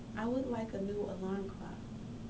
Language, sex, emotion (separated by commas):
English, female, neutral